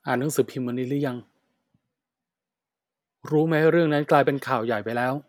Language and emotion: Thai, frustrated